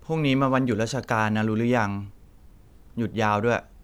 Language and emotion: Thai, neutral